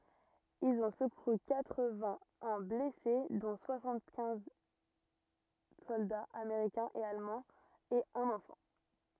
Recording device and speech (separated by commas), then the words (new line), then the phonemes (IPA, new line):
rigid in-ear microphone, read sentence
Ils ont secouru quatre-vingt-un blessés dont soixante-quinze soldats américains et allemands et un enfant.
ilz ɔ̃ səkuʁy katʁ vɛ̃ œ̃ blɛse dɔ̃ swasɑ̃t kɛ̃z sɔldaz ameʁikɛ̃z e almɑ̃z e œ̃n ɑ̃fɑ̃